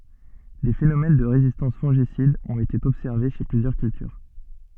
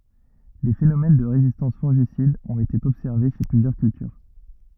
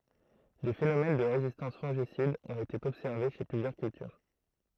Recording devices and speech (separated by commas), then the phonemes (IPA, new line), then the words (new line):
soft in-ear microphone, rigid in-ear microphone, throat microphone, read sentence
de fenomɛn də ʁezistɑ̃s fɔ̃ʒisidz ɔ̃t ete ɔbsɛʁve ʃe plyzjœʁ kyltyʁ
Des phénomènes de résistance fongicides ont été observés chez plusieurs cultures.